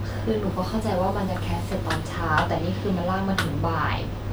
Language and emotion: Thai, frustrated